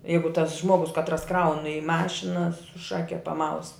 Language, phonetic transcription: Lithuanian, ˈjeigu tas ˈžmogus katˈras ˈkraun i ˈmašina su ˈšake paˈmaus

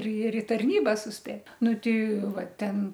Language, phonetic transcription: Lithuanian, ir ir i tarˈnyba susˈpėt ˈnu ˈtei ˈva ˈten

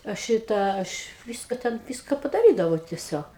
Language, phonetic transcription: Lithuanian, a ˈšitą ˈaš ˈvyska ˈten ˈvyska padaˈrydavau teˈsiog

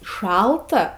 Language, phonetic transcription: Lithuanian, ˈšalta

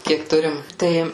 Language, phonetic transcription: Lithuanian, ˈkiek ˈturim ˈtai

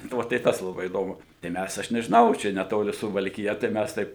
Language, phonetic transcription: Lithuanian, nu ˈva tai ˈtas laˈbai įˈdomu tai ˈmæs ˈaš nežiˈnau ˈčia neˈtoli suvalkiˈja tai ˈmæs ˈtaip

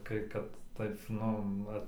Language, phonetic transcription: Lithuanian, ˈkai kad ˈtaip ˈnu ˈva

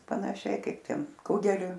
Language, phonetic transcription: Lithuanian, panaˈšiai ˈkaip ˈten ˈkugeliu

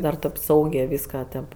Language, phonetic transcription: Lithuanian, ˈdar tėp ˈsaugė ˈvyska tėp

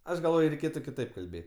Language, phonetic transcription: Lithuanian, ˈaš galˈvoj ˈreiˈkėtu kiˈtaip kalˈbė

